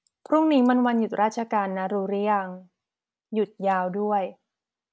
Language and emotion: Thai, neutral